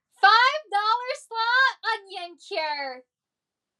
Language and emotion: English, happy